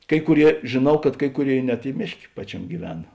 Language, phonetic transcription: Lithuanian, ˈkai kuˌrie žėˈnau kad ˈkai kuˌrėi net i ˈmėšˌkė ˈpačiamė gyˈvena

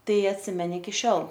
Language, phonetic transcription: Lithuanian, ˈtai atˈsimeni iki ˈšiol

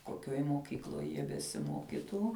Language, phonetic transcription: Lithuanian, koˈkioj moˈkykloj jie besiˈmokitų

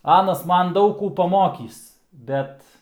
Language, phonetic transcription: Lithuanian, ˈanas ˈman ˈdaug ˈkų paˈmokįs ˈbet

